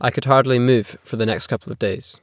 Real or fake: real